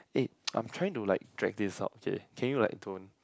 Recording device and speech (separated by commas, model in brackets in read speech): close-talking microphone, conversation in the same room